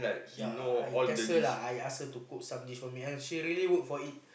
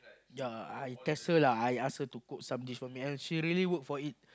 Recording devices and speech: boundary microphone, close-talking microphone, conversation in the same room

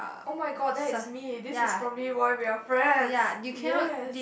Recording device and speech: boundary microphone, conversation in the same room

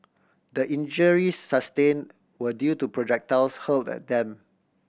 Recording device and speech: boundary microphone (BM630), read sentence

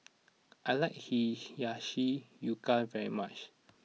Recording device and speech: mobile phone (iPhone 6), read sentence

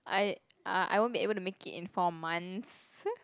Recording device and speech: close-talking microphone, conversation in the same room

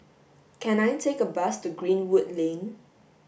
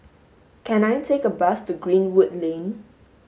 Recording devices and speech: boundary microphone (BM630), mobile phone (Samsung S8), read sentence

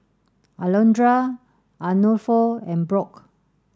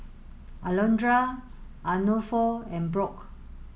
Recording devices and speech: standing microphone (AKG C214), mobile phone (Samsung S8), read sentence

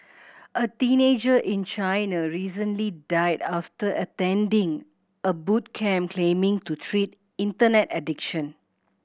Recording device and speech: boundary microphone (BM630), read sentence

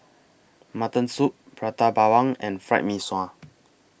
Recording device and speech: boundary microphone (BM630), read sentence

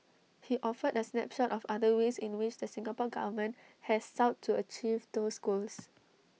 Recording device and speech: mobile phone (iPhone 6), read sentence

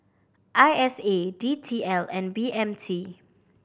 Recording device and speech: boundary microphone (BM630), read sentence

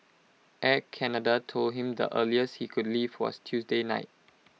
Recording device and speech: mobile phone (iPhone 6), read sentence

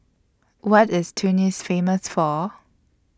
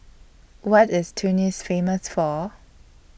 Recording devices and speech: standing microphone (AKG C214), boundary microphone (BM630), read sentence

